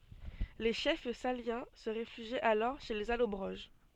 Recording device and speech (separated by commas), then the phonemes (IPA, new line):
soft in-ear microphone, read sentence
le ʃɛf saljɑ̃ sə ʁefyʒit alɔʁ ʃe lez alɔbʁoʒ